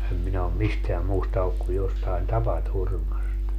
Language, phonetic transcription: Finnish, 'em minä om "misteäm 'muusta olluk ku jostain "tapa'turmast .
- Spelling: en minä ole mistään muusta ollut kuin jostakin tapaturmasta

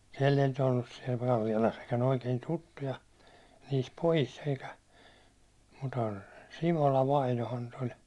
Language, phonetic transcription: Finnish, siɛll ‿ei nyt ‿ollus siɛl 'Kallialas sitten oikein "tuttuja , niis 'pojis eikä , mUtə "Simola 'vainohan nyt ‿oĺ .
- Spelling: siellä ei nyt ollut siellä Kallialassa sitten oikein tuttuja niissä pojissa eikä mutta Simola vainajahan nyt oli

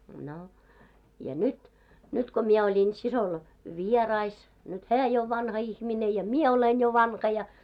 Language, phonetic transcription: Finnish, no , ja "nyt , 'nyt ko 'mie 'oĺin 'sisol , "vierais , nyt "hää jo ov 'vanha 'ihmine ja "mie olen jo 'van̳k̳§a ja .
- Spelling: no ja nyt nyt kun minä olin siskolla vieraissa nyt hän jo on vanha ihminen ja minä olen jo vanha ja

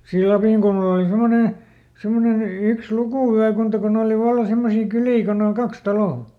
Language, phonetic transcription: Finnish, sii ˈLapìŋkulmal ‿òli ˈsemone , ˈsemmonen ˈyks "lukùvyäkunta kuˈn ‿ooli ˈvalla ˈsemmosii ˈkylii kon ‿oŋ ˈkaks "talò .
- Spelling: siinä Lapinkulmalla oli semmoinen semmoinen yksi lukuvyökunta kun oli vallan semmoisia kyliä kun on kaksi taloa

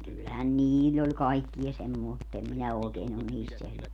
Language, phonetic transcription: Finnish, kyllähän "niill ‿oĺ 'kaikkija 'semmòe mutt ‿em 'minä òekeen ‿on 'niist sel(vil) .
- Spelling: kyllähän niillä oli kaikkia - mutta en minä oikein ole niistä selvillä

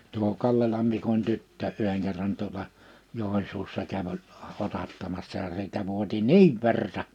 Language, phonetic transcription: Finnish, tuo 'Kallelam Mikoń 'tyttö’ '’yheŋ kerran tuola , 'Jòin̬suussa käv ‿oĺ , 'otattamassa ja siltä vuoti "niiv 'verta .
- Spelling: tuo Kallelan Mikon tyttö yhden kerran tuolla Joensuussa kävi oli otattamassa ja siltä vuoti niin verta

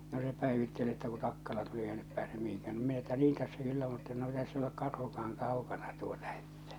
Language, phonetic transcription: Finnish, no se 'pä̀evittel ‿että » ku 'takkala tuli eikä nyp 'pääsem 'mihiŋkään « no minä että » 'niin tässä 'kyllä mutta no ei täss ‿olek 'karhuka₍aŋ 'kàukana tuota « ᴇttᴀ̈ .
- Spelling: no se päivitteli että kun takkala tuli eikä nyt pääse mihinkään no minä että niin tässä kyllä mutta no ei tässä ole karhukaan kaukana tuota että

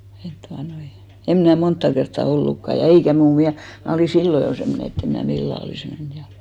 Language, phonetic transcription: Finnish, et 'tuanoi , 'em mnä̀ 'montta kertta 'ollukka ja , ja "eikä muu 'miä- , 'mnä̀ olì "sillo jo 'semmone et't ‿em mnää 'millä̀ olìs 'men ja .
- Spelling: että tuota noin en minä montaa kertaa ollutkaan ja ja eikä muu - minä olin silloin jo semmoinen että en minä millään olisi mennyt ja

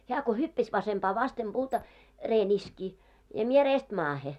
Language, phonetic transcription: Finnish, heä ko "hyppäs vasempaa 'vastem 'ʙuuta , 'ree'n ‿iski , ja mie reest 'maahe .
- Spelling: hän kun hyppäsi vasempaan vasten puuta reen iski ja minä reestä maahan

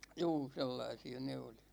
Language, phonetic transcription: Finnish, 'juu , 'sellaisi₍a ne oli .
- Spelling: juu sellaisia ne oli

